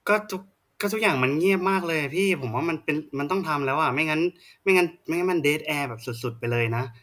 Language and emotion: Thai, frustrated